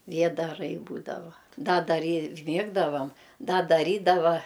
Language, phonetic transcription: Lithuanian, ˈviedarai ˈbūdava ˈda daˈry ˈmiegdavam ˈda daˈrydava

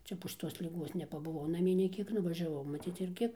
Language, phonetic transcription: Lithuanian, ˈčia po šiˈtos liˈguos nepabuˈvau naˈmie nei ˈkiek nuvažiaˈvau maˈcyc irˈgi

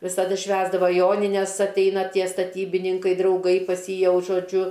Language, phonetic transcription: Lithuanian, visaˈdu ˈšvęsdavo ˈjonines atˈeina ˈtie staˈtybininkai drauˈgai pas ˈjį ˈjau žoˈdžiu

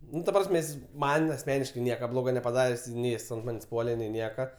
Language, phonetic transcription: Lithuanian, ˈnu ta ˈprasme ˈjis ˈman asˈmeniškai ˈnieka ˈbloga nepaˈdarės' ˈnei ˈjis ant ˈmanės' ˈpuole nei ˈnieka

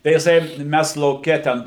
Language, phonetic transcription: Lithuanian, tai jiˈsai ˈmæs lauˈke ˈten

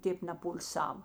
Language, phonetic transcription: Lithuanian, ˈtėp nepul'ˈsav

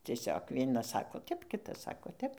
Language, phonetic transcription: Lithuanian, cieˈsiog ˈvienas ˈsako ˈtep ˈkitas ˈsako ˈtep

